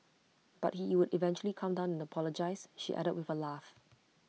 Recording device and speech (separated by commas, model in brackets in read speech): mobile phone (iPhone 6), read sentence